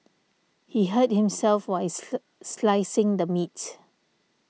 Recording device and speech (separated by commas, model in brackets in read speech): mobile phone (iPhone 6), read sentence